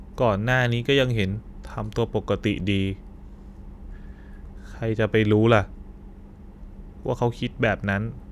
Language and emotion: Thai, frustrated